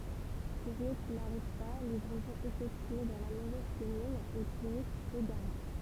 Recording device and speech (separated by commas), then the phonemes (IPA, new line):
temple vibration pickup, read sentence
kuʁje ki naʁiv pa livʁɛzɔ̃z efɛktye dɑ̃ la movɛz kɔmyn e tuʁistz eɡaʁe